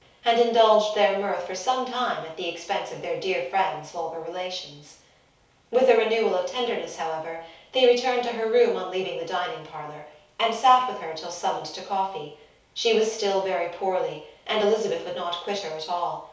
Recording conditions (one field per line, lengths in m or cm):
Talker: one person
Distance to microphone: 3.0 m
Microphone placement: far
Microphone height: 1.8 m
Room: small (3.7 m by 2.7 m)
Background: none